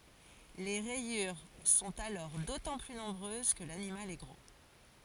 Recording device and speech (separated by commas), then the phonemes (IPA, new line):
forehead accelerometer, read sentence
le ʁɛjyʁ sɔ̃t alɔʁ dotɑ̃ ply nɔ̃bʁøz kə lanimal ɛ ɡʁo